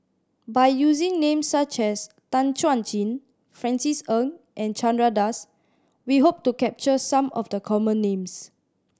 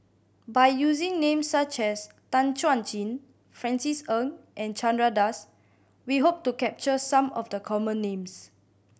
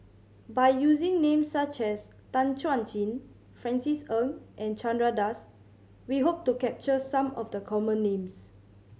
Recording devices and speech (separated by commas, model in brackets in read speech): standing microphone (AKG C214), boundary microphone (BM630), mobile phone (Samsung C7100), read sentence